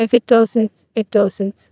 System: TTS, neural waveform model